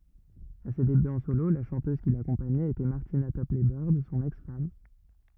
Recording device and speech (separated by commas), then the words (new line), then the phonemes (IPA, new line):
rigid in-ear microphone, read sentence
À ses débuts en solo, la chanteuse qui l'accompagnait était Martina Topley-Bird, son ex-femme.
a se debyz ɑ̃ solo la ʃɑ̃tøz ki lakɔ̃paɲɛt etɛ maʁtina tɔplɛ bœʁd sɔ̃n ɛks fam